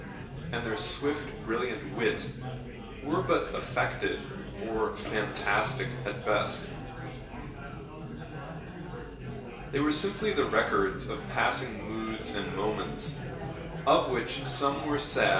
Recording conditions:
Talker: one person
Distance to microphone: 1.8 m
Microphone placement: close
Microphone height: 1.0 m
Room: large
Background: babble

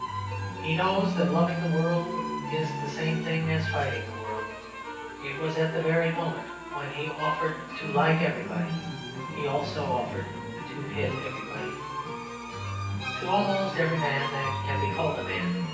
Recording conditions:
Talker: one person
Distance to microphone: 9.8 m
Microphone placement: far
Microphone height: 1.8 m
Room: large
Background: music

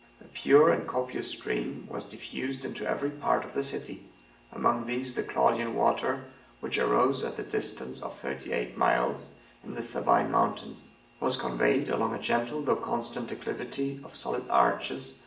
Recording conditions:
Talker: one person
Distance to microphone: 1.8 m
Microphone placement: close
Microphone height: 1.0 m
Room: large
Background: none

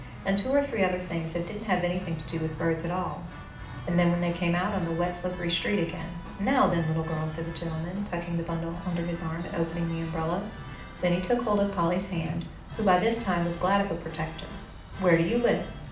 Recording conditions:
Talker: one person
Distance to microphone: 2.0 m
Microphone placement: close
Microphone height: 99 cm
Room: medium-sized (5.7 m by 4.0 m)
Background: music

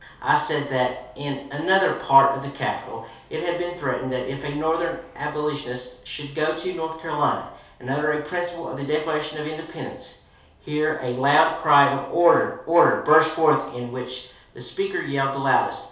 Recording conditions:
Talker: one person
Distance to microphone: 3.0 m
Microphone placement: far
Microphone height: 1.8 m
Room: small (3.7 m by 2.7 m)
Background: none

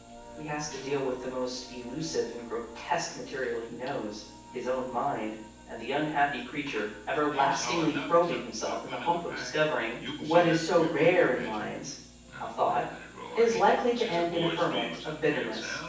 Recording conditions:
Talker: one person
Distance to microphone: 9.8 m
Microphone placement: far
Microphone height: 1.8 m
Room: large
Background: television

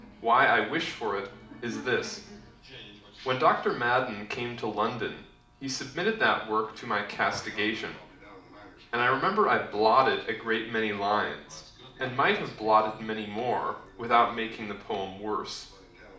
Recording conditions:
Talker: one person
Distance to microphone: 2.0 m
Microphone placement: close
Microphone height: 99 cm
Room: medium-sized (5.7 m by 4.0 m)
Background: television

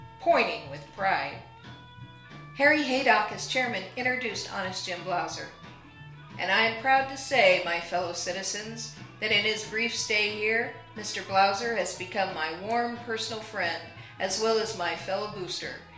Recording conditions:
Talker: one person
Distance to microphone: 1.0 m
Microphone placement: close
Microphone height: 1.1 m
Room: small (3.7 m by 2.7 m)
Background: music

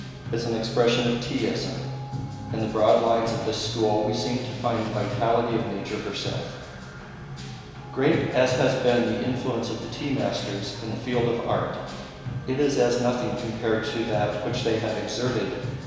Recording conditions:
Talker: one person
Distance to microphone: 1.7 m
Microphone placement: close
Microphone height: 1.0 m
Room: very reverberant, large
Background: music

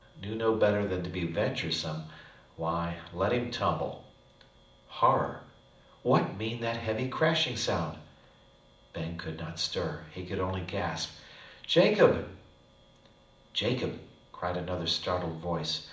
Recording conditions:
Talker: one person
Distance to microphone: 2.0 m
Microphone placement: close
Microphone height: 99 cm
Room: medium-sized (5.7 m by 4.0 m)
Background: none

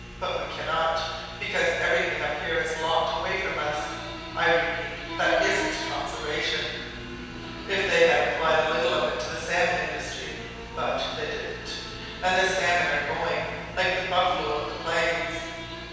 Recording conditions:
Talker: one person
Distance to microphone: 7.1 m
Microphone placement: far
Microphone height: 1.7 m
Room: very reverberant, large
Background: television

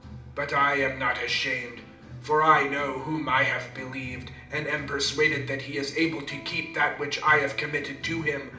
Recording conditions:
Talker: one person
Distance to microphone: 2.0 m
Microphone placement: close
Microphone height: 99 cm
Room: medium-sized (5.7 m by 4.0 m)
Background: music

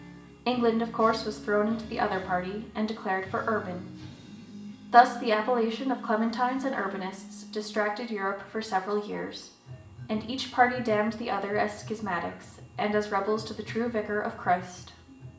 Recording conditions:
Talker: one person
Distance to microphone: 1.8 m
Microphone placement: close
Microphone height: 1.0 m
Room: large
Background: music

